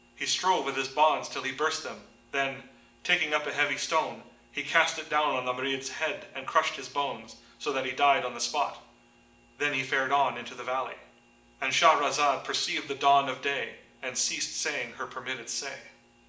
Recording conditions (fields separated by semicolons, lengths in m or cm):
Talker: one person; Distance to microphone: 1.8 m; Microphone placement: close; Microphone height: 1.0 m; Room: large; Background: none